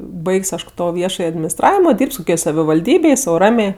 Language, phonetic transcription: Lithuanian, ˈbaig's' ˈaš ˈto ˈviešaj adminisˈtravimo ˈdyrb's' koˈkioj savivalˈdybėj sau ˈramė

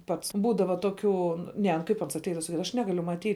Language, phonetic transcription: Lithuanian, ˈpats ˈbūdava toˈkių ˈne nu ˈkaip ˈans atˈeidava saˈkydava aš ˈnegaliu maˈtyt

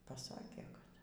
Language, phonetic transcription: Lithuanian, paˈsakė kad

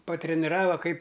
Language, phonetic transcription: Lithuanian, patreniˈrava ˈkaip

